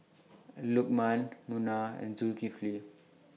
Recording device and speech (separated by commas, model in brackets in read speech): mobile phone (iPhone 6), read sentence